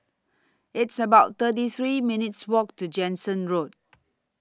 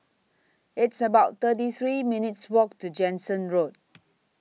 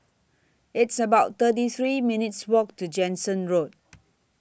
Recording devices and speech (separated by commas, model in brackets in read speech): standing microphone (AKG C214), mobile phone (iPhone 6), boundary microphone (BM630), read sentence